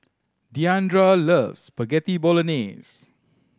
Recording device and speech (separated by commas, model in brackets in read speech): standing microphone (AKG C214), read sentence